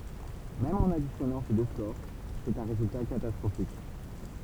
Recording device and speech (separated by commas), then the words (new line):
temple vibration pickup, read sentence
Même en additionnant ces deux scores, c'est un résultat catastrophique.